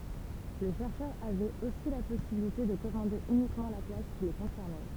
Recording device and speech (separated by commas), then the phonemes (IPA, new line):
temple vibration pickup, read sentence
le ʃɛʁʃœʁz avɛt osi la pɔsibilite də kɔmɑ̃de ynikmɑ̃ la klas ki le kɔ̃sɛʁnɛ